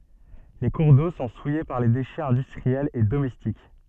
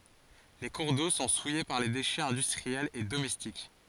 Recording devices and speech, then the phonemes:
soft in-ear microphone, forehead accelerometer, read sentence
le kuʁ do sɔ̃ suje paʁ le deʃɛz ɛ̃dystʁiɛlz e domɛstik

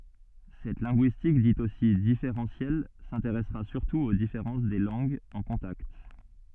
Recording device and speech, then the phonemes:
soft in-ear microphone, read sentence
sɛt lɛ̃ɡyistik dit osi difeʁɑ̃sjɛl sɛ̃teʁɛsʁa syʁtu o difeʁɑ̃s de lɑ̃ɡz ɑ̃ kɔ̃takt

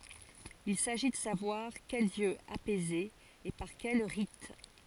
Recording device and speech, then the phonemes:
forehead accelerometer, read sentence
il saʒi də savwaʁ kɛl djø apɛze e paʁ kɛl ʁit

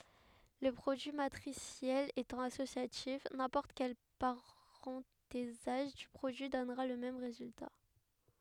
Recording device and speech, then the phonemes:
headset microphone, read sentence
lə pʁodyi matʁisjɛl etɑ̃ asosjatif nɛ̃pɔʁt kɛl paʁɑ̃tezaʒ dy pʁodyi dɔnʁa lə mɛm ʁezylta

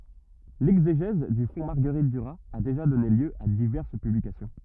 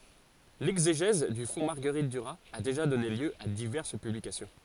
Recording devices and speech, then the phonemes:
rigid in-ear microphone, forehead accelerometer, read sentence
lɛɡzeʒɛz dy fɔ̃ maʁɡəʁit dyʁaz a deʒa dɔne ljø a divɛʁs pyblikasjɔ̃

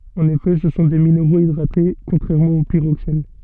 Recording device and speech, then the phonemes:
soft in-ear microphone, read sentence
ɑ̃n efɛ sə sɔ̃ de mineʁoz idʁate kɔ̃tʁɛʁmɑ̃ o piʁoksɛn

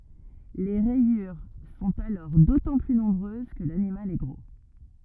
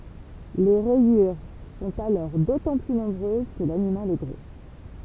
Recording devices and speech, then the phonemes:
rigid in-ear microphone, temple vibration pickup, read sentence
le ʁɛjyʁ sɔ̃t alɔʁ dotɑ̃ ply nɔ̃bʁøz kə lanimal ɛ ɡʁo

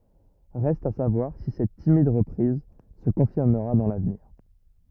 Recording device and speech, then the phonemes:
rigid in-ear microphone, read sentence
ʁɛst a savwaʁ si sɛt timid ʁəpʁiz sə kɔ̃fiʁməʁa dɑ̃ lavniʁ

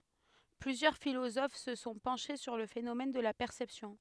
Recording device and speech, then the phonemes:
headset microphone, read sentence
plyzjœʁ filozof sə sɔ̃ pɑ̃ʃe syʁ lə fenomɛn də la pɛʁsɛpsjɔ̃

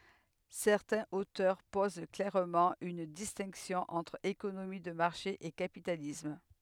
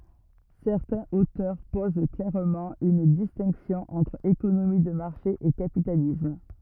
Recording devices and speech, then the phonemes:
headset microphone, rigid in-ear microphone, read sentence
sɛʁtɛ̃z otœʁ poz klɛʁmɑ̃ yn distɛ̃ksjɔ̃ ɑ̃tʁ ekonomi də maʁʃe e kapitalism

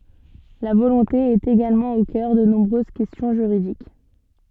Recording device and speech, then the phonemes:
soft in-ear microphone, read sentence
la volɔ̃te ɛt eɡalmɑ̃ o kœʁ də nɔ̃bʁøz kɛstjɔ̃ ʒyʁidik

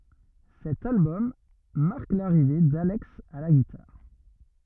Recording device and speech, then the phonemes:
rigid in-ear microphone, read sentence
sɛt albɔm maʁk laʁive dalɛks a la ɡitaʁ

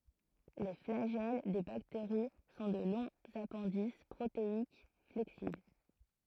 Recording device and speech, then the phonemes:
throat microphone, read sentence
le flaʒɛl de bakteʁi sɔ̃ də lɔ̃z apɛ̃dis pʁoteik flɛksibl

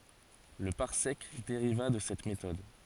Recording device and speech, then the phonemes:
forehead accelerometer, read sentence
lə paʁsɛk deʁiva də sɛt metɔd

